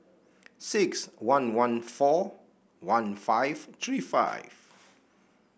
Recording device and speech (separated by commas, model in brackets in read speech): boundary microphone (BM630), read sentence